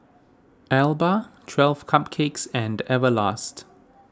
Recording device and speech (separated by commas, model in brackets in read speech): standing microphone (AKG C214), read sentence